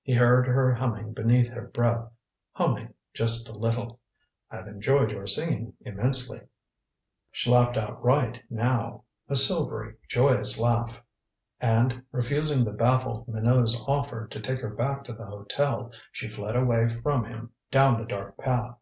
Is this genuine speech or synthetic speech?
genuine